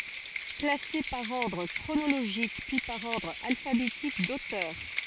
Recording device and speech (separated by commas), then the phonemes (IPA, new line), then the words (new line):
forehead accelerometer, read sentence
klase paʁ ɔʁdʁ kʁonoloʒik pyi paʁ ɔʁdʁ alfabetik dotœʁ
Classée par ordre chronologique puis par ordre alphabétique d'auteur.